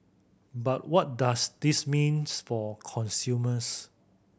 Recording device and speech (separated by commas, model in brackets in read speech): boundary microphone (BM630), read sentence